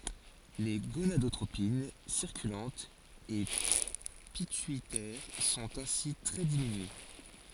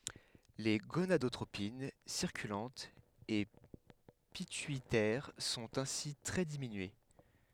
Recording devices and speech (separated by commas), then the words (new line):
forehead accelerometer, headset microphone, read sentence
Les gonadotropines circulantes et pituitaires sont ainsi très diminuées.